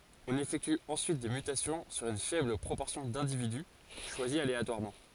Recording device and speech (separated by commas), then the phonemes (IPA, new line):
forehead accelerometer, read sentence
ɔ̃n efɛkty ɑ̃syit de mytasjɔ̃ syʁ yn fɛbl pʁopɔʁsjɔ̃ dɛ̃dividy ʃwazi aleatwaʁmɑ̃